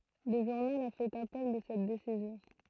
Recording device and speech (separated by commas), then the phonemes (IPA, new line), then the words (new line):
throat microphone, read sentence
lə ʒuʁnal a fɛt apɛl də sɛt desizjɔ̃
Le journal a fait appel de cette décision.